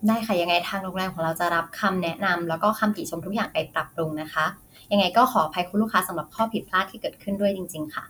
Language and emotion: Thai, neutral